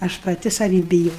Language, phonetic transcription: Lithuanian, aš paˈti saˈvį biˈjo

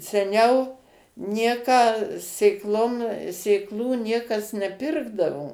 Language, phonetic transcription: Lithuanian, seˈniau ˈnieką sėkˈlom sėkˈlų ˈniekas neˈpirkdavo

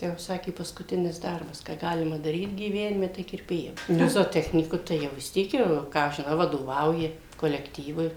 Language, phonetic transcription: Lithuanian, ˈtai jau ˈsakė paskuˈtinis ˈdarbas ką ˈgalima daˈryt gyˈvenime tai kirˈpėja ˈnu zooˈtechnyku tai ˈjau vis ˈtiek jau ˈką aš žiˈnau vadoˈvauji kolekˈtyvui

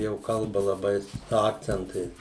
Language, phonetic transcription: Lithuanian, jau ˈkalba laˈbai su ˈakcentais

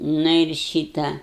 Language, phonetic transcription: Lithuanian, ˈnu ir ˈšyta

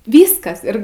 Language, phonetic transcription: Lithuanian, ˈvyskas ˈir

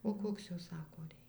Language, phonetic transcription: Lithuanian, o ˈkoks ˈjo ˈsako ˈrei

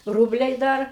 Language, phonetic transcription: Lithuanian, ˈrūbliai ˈdar

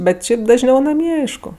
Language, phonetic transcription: Lithuanian, ˈbet ˈšiaip dažˈniau naˈmie ˈaišku

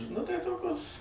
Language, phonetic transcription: Lithuanian, nu ˈtai ˈtokios

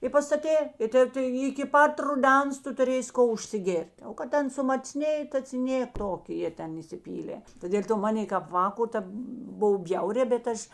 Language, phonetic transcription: Lithuanian, i pastaˈtė i ˈtė tai iki ˈpat ruˈdens ˈtu tuˈrėsi ˈko užsiˈgėr't' o kad ˈten sumaˈcnėjė ta ci ˈnė ˈtok' ˈjie ˈten įsiˈpylė ta dėl' ˈto ˈmanė kap ˈvāko ˈtėp ˈbov ˈbjaurē bet ˈaš

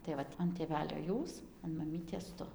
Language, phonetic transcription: Lithuanian, tai ˈvat an tėˈvelio ˈjūs an maˈmytės ˈtu

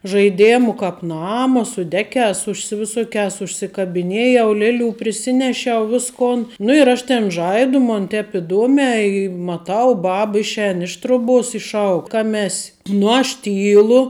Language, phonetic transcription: Lithuanian, žaiˈdėmu ˈkāp ˈnama su ˈdekēs užsisi viˈsokēs užsikabiˈnėjau ˈleˌlių priˈsinešiau ˈviskon nu ir ˈaš ˈten ˈžaidu mon ˈtep iˈduomē i maˈtau ˈbab ˈišˌēn iš ˈtroˌbuos i ˈšauk ˈkame ˈes' nu aš ˈtylu

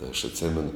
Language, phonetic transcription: Lithuanian, tai aš atˈsėmenu

